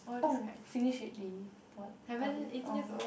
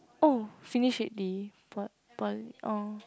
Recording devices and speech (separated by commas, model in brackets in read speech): boundary microphone, close-talking microphone, conversation in the same room